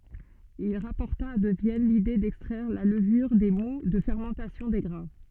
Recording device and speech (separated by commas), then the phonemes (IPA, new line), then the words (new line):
soft in-ear microphone, read sentence
il ʁapɔʁta də vjɛn lide dɛkstʁɛʁ la ləvyʁ de mu də fɛʁmɑ̃tasjɔ̃ de ɡʁɛ̃
Il rapporta de Vienne l'idée d'extraire la levure des moûts de fermentation des grains.